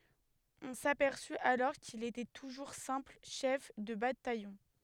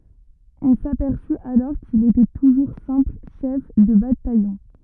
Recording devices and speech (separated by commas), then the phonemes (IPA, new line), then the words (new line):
headset microphone, rigid in-ear microphone, read sentence
ɔ̃ sapɛʁsy alɔʁ kil etɛ tuʒuʁ sɛ̃pl ʃɛf də batajɔ̃
On s'aperçut alors qu'il était toujours simple chef de bataillon.